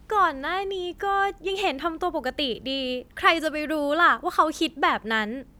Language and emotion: Thai, frustrated